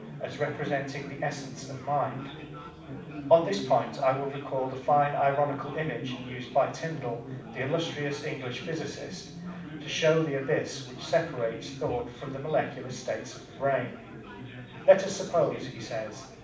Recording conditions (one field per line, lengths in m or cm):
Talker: one person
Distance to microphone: 5.8 m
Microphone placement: far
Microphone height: 1.8 m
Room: medium-sized (5.7 m by 4.0 m)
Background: babble